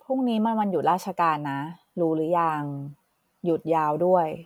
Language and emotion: Thai, neutral